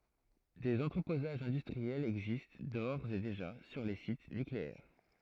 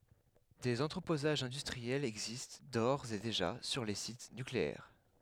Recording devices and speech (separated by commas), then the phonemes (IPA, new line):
throat microphone, headset microphone, read sentence
dez ɑ̃tʁəpozaʒz ɛ̃dystʁiɛlz ɛɡzist doʁz e deʒa syʁ le sit nykleɛʁ